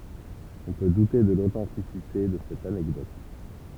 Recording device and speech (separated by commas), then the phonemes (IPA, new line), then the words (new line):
temple vibration pickup, read sentence
ɔ̃ pø dute də lotɑ̃tisite də sɛt anɛkdɔt
On peut douter de l'authenticité de cette anecdote.